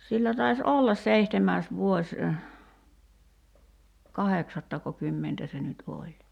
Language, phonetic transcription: Finnish, 'sillä tais "ollas 'seihtemääs 'vuoś , "kaheksattakokymmentä 'se nyt 'oĺ .
- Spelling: sillä taisi olla seitsemäs vuosi kahdeksattako kymmentä se nyt oli

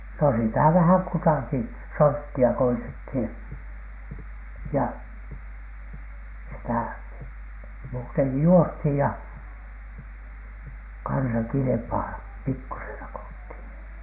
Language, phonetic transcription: Finnish, no sitä̀ vähäŋ kutàki , 'sortti₍a koitethìN , ja , sitä̀ , muuteŋki 'juosthìj ja , kansa kilⁱpaa , "pikkusena ko olthÌN .
- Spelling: no sitä vähän kutakin sorttia koetettiin ja sitä muutenkin juostiin ja kanssa kilpaa pikkuisena kun oltiin

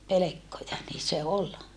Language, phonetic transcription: Finnish, pelekkoja nii se ol .
- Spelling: pelkkoja niin se oli

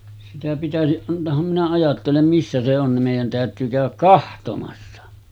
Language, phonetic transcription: Finnish, sitä pitäsiˀ 'ˀant̀ooham minä ajattelem 'missä se on nim 'mèij̆jän tä̀ötyy 'kä̀öväk "kahtomassa .
- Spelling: sitä pitäisi antaahan minä ajattelen missä se on niin meidän täytyy käydä katsomassa

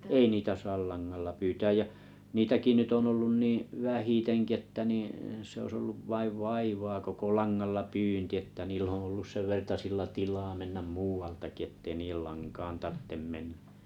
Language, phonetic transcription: Finnish, ei niitä 'saal 'lanŋalla 'pyytääj jä , 'niitäki nytt ‿on ollun 'nì , "vähiteŋki että 'ni’ , se ois olluv 'vaiv "vaivaa koko "laŋnalla "pyynti että'niill ‿oo̰ ollus 'sevvertasilla 'tilaa mennäm 'muu₍altaki ettei nii₍el 'laŋkaan 'tarttem 'menɴᴀ̈ .
- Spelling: ei niitä saa langalla pyytää ja niitäkin nyt on ollut niin vähitenkin että niin se olisi ollut vain vaivaa koko langalla pyynti että niillä on ollut senvertaisilla tilaa mennä muualtakin että ei niiden lankaan tarvitse mennä

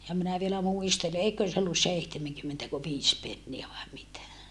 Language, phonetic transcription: Finnish, ja minä vielä muistele eiköön se ollus seihtemeŋkymmentäko -viis penniä vae mitä .
- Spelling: ja minä vielä muistelen eiköhän se ollut seitsemänkymmentäkö viisi penniä vai mitä

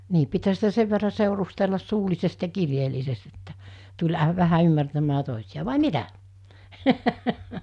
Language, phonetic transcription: Finnish, 'nii pithä sitä 'sev verra 'sèurustellas 'suulisest ja 'kirjeellisest ettᴀ̈ , tuĺ a- vähä 'ymmärtämmää 'tòisiʲa vài "mitä ?
- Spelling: niin pitihän sitä sen verran seurustella suullisesti ja kirjeellisesti että tuli - vähän ymmärtämään toisia vai mitä

